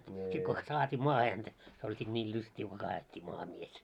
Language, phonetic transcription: Finnish, sit kons "saat́ii 'maahe häntä , se oĺ sit 'ńiil 'lyst́ii ko kaa₍et́t́i maaha 'mies .
- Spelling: sitten konsa saatiin maahan häntä se oli sitten niille lystiä kun kaadettiin maahan mies

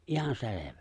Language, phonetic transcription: Finnish, '’ihan 'se̬levᴀ̈ .
- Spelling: ihan selvä

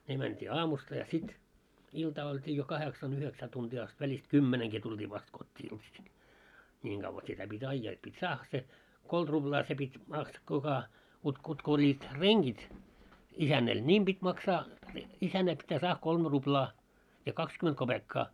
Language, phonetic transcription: Finnish, ne mänt́ii 'aamusta ja 'sit , iltaa oĺtii jo 'kaheksan ‿yheksää tuntii ast , väĺist "kymmeneŋki 'tult́ii vast kot́t́ii iltasil , 'ńiiŋ ɢavva sitä pit́ 'aijjaa et pit́ "saahha se , 'kolt ruʙlaa se 'pit́ maks- kuka , kutk kut'k ‿oĺĺiit "reŋɢit , 'isännɛl "niim ʙit́ 'maksaa , 'isännä pittää 'saah 'kolmᵉ 'ruplaa , ja 'kakskyment 'koʙekkaa .
- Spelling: ne mentiin aamusta ja sitten iltaa oltiin jo kahdeksan yhdeksän tuntia asti välistä kymmenenkin tultiin vasta kotiin iltaisin niin kauan sitä piti ajaa että piti saada se kolme ruplaa se piti - kuka kutka kutka olivat rengit isännällä niin piti maksaa isännän pitää saada kolme ruplaa ja kaksikymmentä kopeekkaa

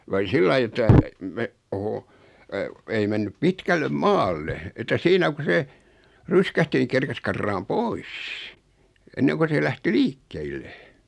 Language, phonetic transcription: Finnish, (ku oli) 'sillai että , me- , oho , 'ei mennyp 'pitkällem "maalle , että 'siinä ku se , "ryskähti ⁿⁱ 'kerkes karraam "pois , 'enneŋko se 'lähti "liikkeille .
- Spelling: kun oli sillä lailla että - oho ei mennyt pitkälle maalle että siinä kun se ryskähti niin kerkisi karkaamaan pois ennen kuin se lähti liikkeille

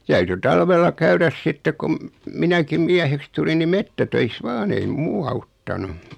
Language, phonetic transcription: Finnish, täyty 'talvella 'käyräs "sitte kum , 'minäkim "miäheks tulin ni 'mettätöis "vaan ‿ei "muu auttanu .
- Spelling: täytyi talvella käydä sitten kun minäkin mieheksi tulin niin metsätöissä vain ei muu auttanut

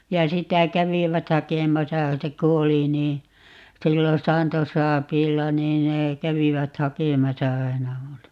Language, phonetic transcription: Finnish, ja 'sitä 'kävivät "hakemasa - 'se ku 'oli nii , 'sillon̬ 'saanto"saapiilla 'niin nee , 'kävivät 'hakemasa "aina 'multa .
- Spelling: ja sitä kävivät hakemassa se kun oli niin silloin saantosaapiilla niin ne kävivät hakemassa aina minulta

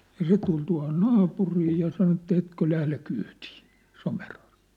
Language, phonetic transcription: Finnish, ja 'se tul tua̭hon "naapurii ja 'sano että » 'etkö 'lähle 'kyytɪɪ , Somerharᴊᴜᴜ ! «
- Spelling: ja se tuli tuohon naapuriin ja sanoi että etkö lähde kyytiin Somerharjuun

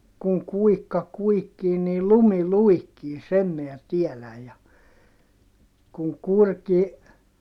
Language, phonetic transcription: Finnish, » kuŋ kuikka kuikkii niil lumi luikkii » sem miä tieläj ja , » kuŋ kurki , .
- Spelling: kun kuikka kuikkii niin lumi luikkii sen minä tiedän ja kun kurki

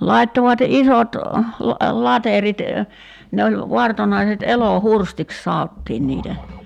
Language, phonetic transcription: Finnish, 'lai̬ttovat 'isot , 'laterit , ne oĺ , 'vartonaiset 'elo"hurstiks "saottiin niitä .
- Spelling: laittoivat isot laterit ne oli vartonaiset elohurstiksi sanottiin niitä

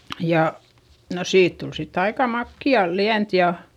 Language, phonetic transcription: Finnish, ja , no siit tul sitt ‿aika makki₍a liänt ja ,.
- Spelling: ja no siitä tuli sitten aika makeaa lientä ja

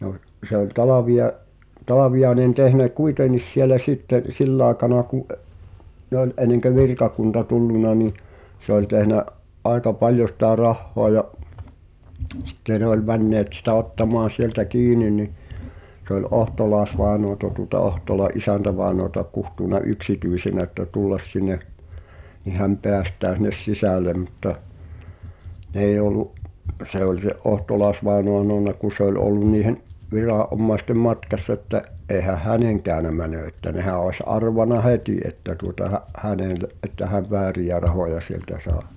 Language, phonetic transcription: Finnish, no , se ‿oĺ 'Talaviʲa’- , 'Talaviʲaenen tehnä "kuiten̆nis sielä 'sitte , 'sill ‿aekana ku ’ə- , ne ‿oĺ ’eneŋkö "virkakunta 'tulluna nì , se ‿oĺ 'tehnä’ , '’aeka "paljo sⁱtä 'rahhoa ja’ , 'sᴵtte ne ‿oĺ männeet sitä 'ottamaan̬ 'sieltä "kiini ni , se ‿oĺ "’Ohtolaa ᵉsvàenoata tuŏta 'Ohtola’ "’isäntävaenoata kuhtùna "yksityisenä ᵉttä 'tullas sin̆ne , ni häm 'peästää sin̆nes "sisä̀le mutta , 'n ‿èij ‿ol̆lu’ , 'se oĺ se’ "’Ohtolàesvàenoa h̳anona ku 'se ‿oĺ ollun niihen’ , 'virà’’ommaestem "matkassᵃ ‿että’ , '’eehäh "häneŋ kä̀önä mänö että 'nehä oⁱs 'arvana "hetì että tuota , hä’ , "hänèle’ , ’että häv "vä̳ä̳ri₍ä 'rahoja sieltä sà[e] .
- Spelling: no se oli - Talviainen tehnyt kuitenkin siellä sitten sillä aikana kun - ne oli ennen kuin virkakunta tullut niin se oli tehnyt aika paljon sitä rahaa ja sitten ne oli menneet sitä ottamaan sieltä kiinni niin se oli - Ohtolais-vainajaa tuota Ohtolan isäntävainajaa kutsunut yksityisenä että tulla sinne niin hän päästää sinne sisälle mutta ne ei ollut se oli se Ohtolais-vainaja sanonut kun se oli ollut niiden viranomaisten matkassa että eihän hänen käynyt meno että nehän olisi arvannut heti että tuota hän hänelle että hän vääriä rahoja sieltä sai

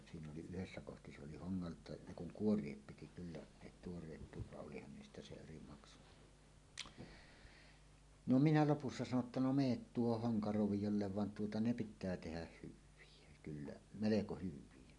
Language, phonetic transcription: Finnish, siin ‿oli yhessä kohti se oli 'hoŋŋalt̀àe , "ne "kuŋ "kuor̀iep 'piti kyllä , 'ne "tuor̀eet 'puut vaˀ 'ˀolihan niistä se 'eri maksu , 'no "minä "lopussa 'sano ‿tta » no "meet 'tuohoh "hoŋka'rovijollev van tuota "ne 'pit̆tää 'tehäh "hyv̆vie kyllä , 'meleko 'hyv̆vie « .
- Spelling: siinä oli yhdessä kohti se oli hongalta ne kun kuoria piti kyllä ne tuoreet puut vaan olihan niistä se eri maksu no minä lopussa sanoi jotta no menet tuohon honkaroviolle vaan tuota ne pitää tehdä hyviä kyllä melko hyviä

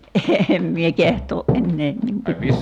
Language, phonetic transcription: Finnish, 'eem mie 'keht̀oo’ '’enneen nim (paljo) ,.
- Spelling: en minä kehtaa enää niin paljon

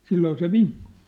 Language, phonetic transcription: Finnish, 'silloo se "viŋkᴜ̀ .
- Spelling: silloin se vinkui

